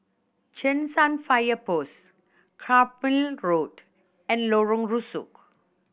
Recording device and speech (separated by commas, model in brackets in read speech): boundary microphone (BM630), read sentence